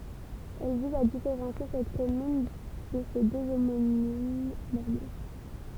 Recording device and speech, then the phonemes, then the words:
temple vibration pickup, read sentence
ɛl viz a difeʁɑ̃sje sɛt kɔmyn də se dø omonim nɔʁmɑ̃
Elle vise à différencier cette commune de ses deux homonymes normands.

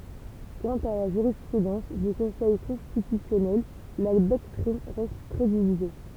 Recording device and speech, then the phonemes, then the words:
temple vibration pickup, read sentence
kɑ̃t a la ʒyʁispʁydɑ̃s dy kɔ̃sɛj kɔ̃stitysjɔnɛl la dɔktʁin ʁɛst tʁɛ divize
Quant à la jurisprudence du Conseil constitutionnel, la doctrine reste très divisée.

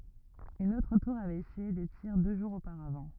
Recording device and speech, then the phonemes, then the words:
rigid in-ear microphone, read sentence
yn otʁ tuʁ avɛt esyije de tiʁ dø ʒuʁz opaʁavɑ̃
Une autre tour avait essuyé des tirs deux jours auparavant.

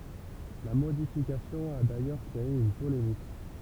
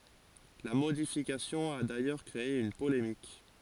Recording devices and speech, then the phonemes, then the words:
temple vibration pickup, forehead accelerometer, read sentence
la modifikasjɔ̃ a dajœʁ kʁee yn polemik
La modification a d'ailleurs créé une polémique.

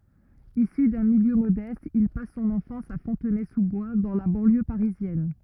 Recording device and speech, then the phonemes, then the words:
rigid in-ear microphone, read sentence
isy dœ̃ miljø modɛst il pas sɔ̃n ɑ̃fɑ̃s a fɔ̃tnɛzuzbwa dɑ̃ la bɑ̃ljø paʁizjɛn
Issu d'un milieu modeste, il passe son enfance à Fontenay-sous-Bois, dans la banlieue parisienne.

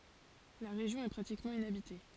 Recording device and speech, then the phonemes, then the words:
forehead accelerometer, read sentence
la ʁeʒjɔ̃ ɛ pʁatikmɑ̃ inabite
La région est pratiquement inhabitée.

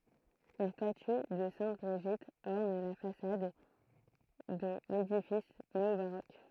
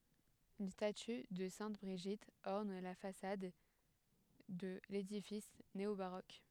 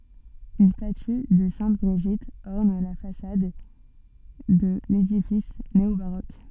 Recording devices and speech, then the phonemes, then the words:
throat microphone, headset microphone, soft in-ear microphone, read sentence
yn staty də sɛ̃t bʁiʒit ɔʁn la fasad də ledifis neobaʁok
Une statue de sainte Brigitte orne la façade de l'édifice néo-baroque.

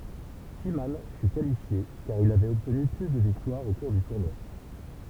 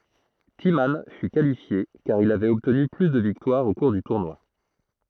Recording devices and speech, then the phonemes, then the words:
temple vibration pickup, throat microphone, read sentence
timmɑ̃ fy kalifje kaʁ il avɛt ɔbtny ply də viktwaʁz o kuʁ dy tuʁnwa
Timman fut qualifié car il avait obtenu plus de victoires au cours du tournoi.

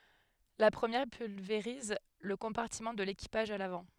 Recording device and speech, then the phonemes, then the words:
headset microphone, read sentence
la pʁəmjɛʁ pylveʁiz lə kɔ̃paʁtimɑ̃ də lekipaʒ a lavɑ̃
La première pulvérise le compartiment de l'équipage à l'avant.

